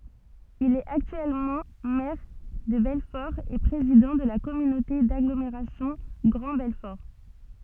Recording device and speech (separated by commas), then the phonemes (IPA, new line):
soft in-ear microphone, read sentence
il ɛt aktyɛlmɑ̃ mɛʁ də bɛlfɔʁ e pʁezidɑ̃ də la kɔmynote daɡlomeʁasjɔ̃ ɡʁɑ̃ bɛlfɔʁ